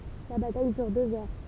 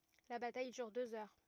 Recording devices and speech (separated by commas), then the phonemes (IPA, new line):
temple vibration pickup, rigid in-ear microphone, read sentence
la bataj dyʁ døz œʁ